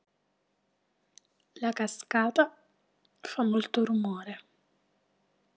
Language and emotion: Italian, neutral